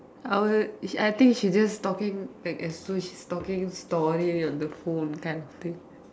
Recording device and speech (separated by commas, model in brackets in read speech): standing microphone, conversation in separate rooms